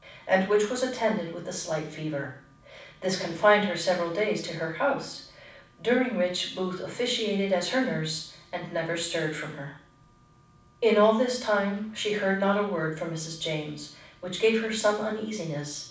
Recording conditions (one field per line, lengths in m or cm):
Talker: one person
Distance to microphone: 5.8 m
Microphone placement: far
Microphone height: 1.8 m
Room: medium-sized (5.7 m by 4.0 m)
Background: none